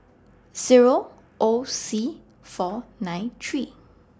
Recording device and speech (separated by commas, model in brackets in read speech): standing microphone (AKG C214), read sentence